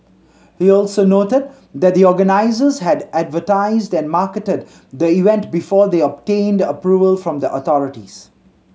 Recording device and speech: mobile phone (Samsung C7100), read sentence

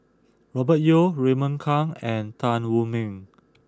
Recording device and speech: close-talking microphone (WH20), read sentence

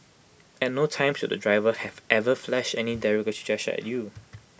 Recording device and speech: boundary microphone (BM630), read sentence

